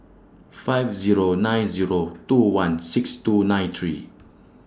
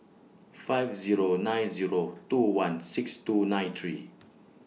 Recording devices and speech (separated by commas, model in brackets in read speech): standing microphone (AKG C214), mobile phone (iPhone 6), read sentence